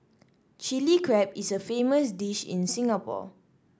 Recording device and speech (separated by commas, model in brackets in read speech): standing microphone (AKG C214), read sentence